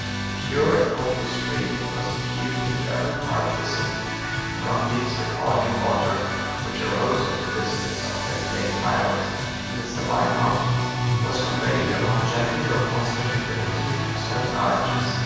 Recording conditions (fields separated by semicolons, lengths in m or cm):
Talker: one person; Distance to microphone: 7.1 m; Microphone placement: far; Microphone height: 1.7 m; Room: very reverberant, large; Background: music